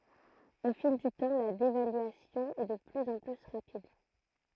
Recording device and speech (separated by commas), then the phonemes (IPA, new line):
throat microphone, read sentence
o fil dy tɑ̃ la devalyasjɔ̃ ɛ də plyz ɑ̃ ply ʁapid